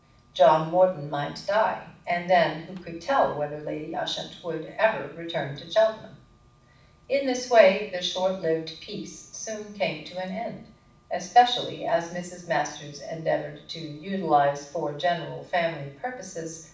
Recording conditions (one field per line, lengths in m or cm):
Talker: one person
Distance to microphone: 5.8 m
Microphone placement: far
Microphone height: 1.8 m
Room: medium-sized (5.7 m by 4.0 m)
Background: none